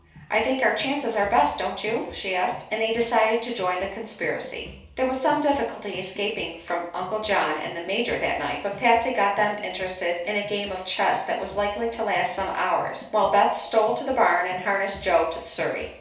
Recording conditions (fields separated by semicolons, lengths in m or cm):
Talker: one person; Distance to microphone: 3.0 m; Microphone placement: far; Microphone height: 1.8 m; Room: small (3.7 m by 2.7 m); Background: music